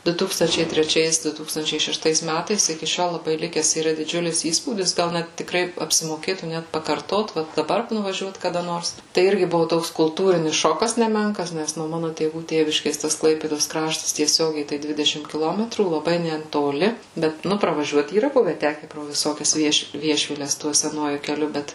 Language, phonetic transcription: Lithuanian, ˈdu ˈtūkstančiai treˈčiais ˈdu ˈtūkstančiai šešˈtais ˈmætais iki ˈšiol laˈbai ˈlikes yˈra diˈdžiulis ˈįspūdis ˈgal ˈnet tikˈrai apsimoˈkėtų ˈnet pakarˈtot ˈvat daˈbar nuvaˈžiuot kaˈda ˈnors tai ˈirgi ˈbuvu ˈtoks kulˈtūrinis ˈšokas neˈmenkas ˈnes nuo ˈmano tėˈvų ˈtėviškės tas ˈklaipėdos ˈkraštas tieˈsiogiai tai ˈdvidešim kiˈlometrų laˈbai netoˈli ˈbet ˈnu pravaˈžiuot yˈra ˈbuve ˈteke pro viˈsokias ˈviešvi ˈviešviles ˈtuo seˈnuoju keˈliu ˈbet

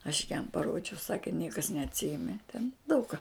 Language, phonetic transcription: Lithuanian, aš jam paˈrodžiau ˈsake ˈniekas neatˈsijeme ten daug ką

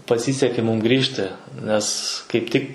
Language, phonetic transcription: Lithuanian, paˈsysekė ˈmūm ˈgrįžti nes kaip ˈtik

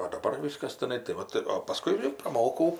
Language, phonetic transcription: Lithuanian, o daˈbar ˈvyskas tiˈnai tai ˈvat o paˈskui ir praˈmokau

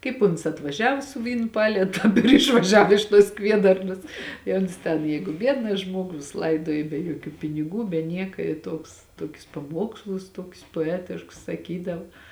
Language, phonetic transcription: Lithuanian, ˈkaip uns atvaˈžiavo su ˈvynu ˈpalėtu ir išvaˈžiav iš tuos ˈkviedarnas i ˈons ten ˈjeigu ˈbiedna ˈžmuogu jis ˈlaiduoji be juoˈkių piniˈgų be ˈnieka i ˈtuoks ˈtokius paˈmuokslus ˈtokius poˈetiškus saˈkydav

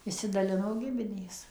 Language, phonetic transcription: Lithuanian, išsidaˈlino ˈgiminės

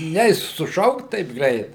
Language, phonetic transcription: Lithuanian, ˈneis suˈšaukt taip ˈgreit

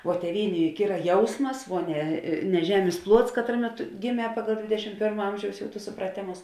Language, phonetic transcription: Lithuanian, o tėˈvynė ˈjuk ˈyra ˈjausmas vuo ne ne ˈžemės ˈpluots ˈkatraˌmė ˈtu giˈmē ˈpagal ˈdvėdešim ˈpėrma ˈamžiaus ˈjau tus supraˈtėmus

